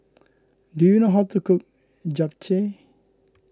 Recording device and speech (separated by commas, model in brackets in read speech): close-talking microphone (WH20), read sentence